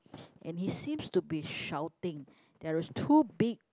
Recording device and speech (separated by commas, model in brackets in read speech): close-talking microphone, conversation in the same room